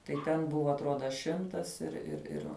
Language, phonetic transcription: Lithuanian, tai ˈten ˈbuva atˈroda ˈšimtas ir ir ˈir

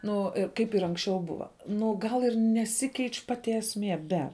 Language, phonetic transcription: Lithuanian, ˈnu ir ˈkaip ir ˈanksˌčiau ˈbuva ˈnu gal ir neˈsikeič' ˈpati esˈmie ˈbe

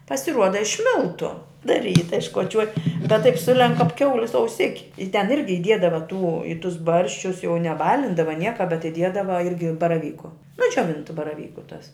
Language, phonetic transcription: Lithuanian, pasiˈruoda iš ˈmiltu da ˈryta iškoˈčiuoj bet taip ˈsulenk kap ˈkiaulis auˈsiki i ten ˈirgi iˈdiedava tų i tus ˈbarščius jau neˈbalindava ˈnieka bet iˈdiedava ˈirgi baraˈvyku nu džioˈvintu baraˈvyku tas

